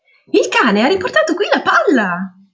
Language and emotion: Italian, surprised